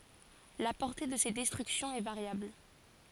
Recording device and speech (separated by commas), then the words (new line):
forehead accelerometer, read sentence
La portée de ces destructions est variable.